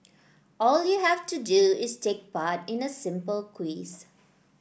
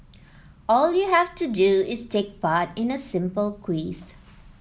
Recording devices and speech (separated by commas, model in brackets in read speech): boundary microphone (BM630), mobile phone (iPhone 7), read sentence